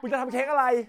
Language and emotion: Thai, angry